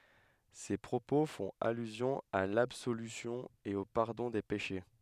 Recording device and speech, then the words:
headset microphone, read sentence
Ces propos font allusion à l'absolution et au pardon des péchés.

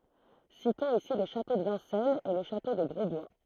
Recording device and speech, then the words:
throat microphone, read sentence
Citons ici le château de Vincennes et le château de Grosbois.

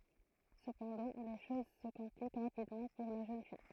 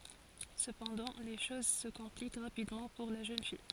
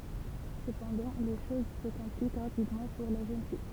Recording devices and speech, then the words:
throat microphone, forehead accelerometer, temple vibration pickup, read sentence
Cependant, les choses se compliquent rapidement pour la jeune fille.

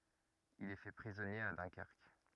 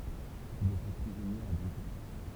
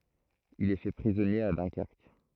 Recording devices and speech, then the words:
rigid in-ear microphone, temple vibration pickup, throat microphone, read sentence
Il est fait prisonnier à Dunkerque.

